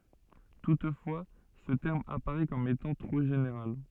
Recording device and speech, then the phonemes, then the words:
soft in-ear microphone, read sentence
tutfwa sə tɛʁm apaʁɛ kɔm etɑ̃ tʁo ʒeneʁal
Toutefois, ce terme apparait comme étant trop général.

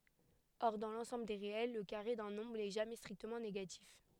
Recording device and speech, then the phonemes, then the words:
headset microphone, read sentence
ɔʁ dɑ̃ lɑ̃sɑ̃bl de ʁeɛl lə kaʁe dœ̃ nɔ̃bʁ nɛ ʒamɛ stʁiktəmɑ̃ neɡatif
Or, dans l'ensemble des réels, le carré d'un nombre n'est jamais strictement négatif.

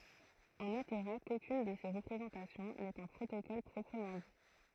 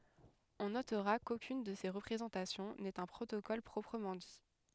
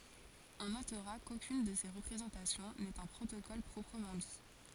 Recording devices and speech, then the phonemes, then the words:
throat microphone, headset microphone, forehead accelerometer, read sentence
ɔ̃ notʁa kokyn də se ʁəpʁezɑ̃tasjɔ̃ nɛt œ̃ pʁotokɔl pʁɔpʁəmɑ̃ di
On notera qu'aucune de ces représentations n'est un protocole proprement dit.

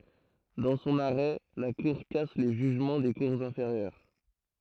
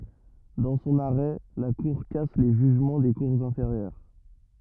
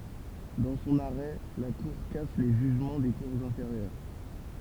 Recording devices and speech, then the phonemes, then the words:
throat microphone, rigid in-ear microphone, temple vibration pickup, read sentence
dɑ̃ sɔ̃n aʁɛ la kuʁ kas le ʒyʒmɑ̃ de kuʁz ɛ̃feʁjœʁ
Dans son arrêt, la cour casse les jugements des cours inférieures.

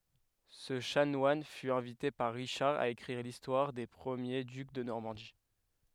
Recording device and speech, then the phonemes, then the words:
headset microphone, read sentence
sə ʃanwan fy ɛ̃vite paʁ ʁiʃaʁ a ekʁiʁ listwaʁ de pʁəmje dyk də nɔʁmɑ̃di
Ce chanoine fut invité par Richard à écrire l'histoire des premiers ducs de Normandie.

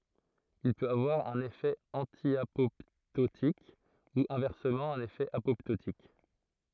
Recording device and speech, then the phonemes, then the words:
throat microphone, read sentence
il pøt avwaʁ œ̃n efɛ ɑ̃tjapɔptotik u ɛ̃vɛʁsəmɑ̃ œ̃n efɛ apɔptotik
Il peut avoir un effet antiapoptotique, ou, inversement, un effet apoptotique.

